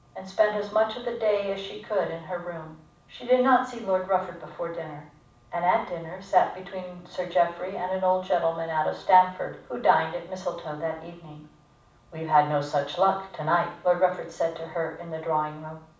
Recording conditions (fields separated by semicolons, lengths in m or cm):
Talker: one person; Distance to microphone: 5.8 m; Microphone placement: far; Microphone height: 1.8 m; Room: medium-sized (5.7 m by 4.0 m); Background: none